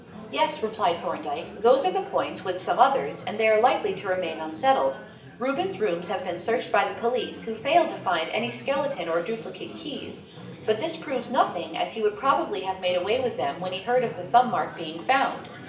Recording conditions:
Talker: one person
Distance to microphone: 1.8 m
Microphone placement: close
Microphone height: 1.0 m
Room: large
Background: babble

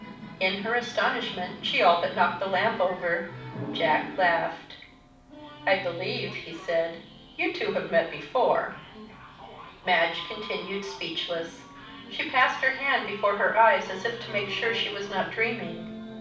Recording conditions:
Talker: one person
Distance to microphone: 5.8 m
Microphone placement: far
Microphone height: 1.8 m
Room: medium-sized (5.7 m by 4.0 m)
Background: television

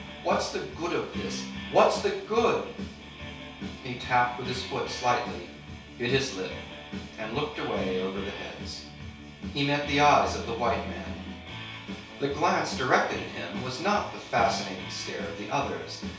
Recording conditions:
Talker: one person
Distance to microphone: 3.0 m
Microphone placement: far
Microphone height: 1.8 m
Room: small (3.7 m by 2.7 m)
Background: music

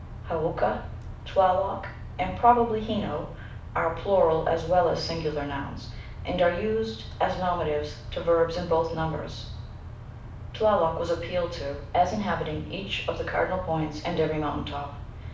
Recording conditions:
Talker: one person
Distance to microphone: 5.8 m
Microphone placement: far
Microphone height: 1.8 m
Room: medium-sized (5.7 m by 4.0 m)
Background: none

